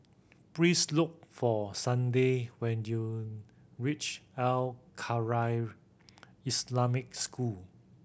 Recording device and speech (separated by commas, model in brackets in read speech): boundary microphone (BM630), read sentence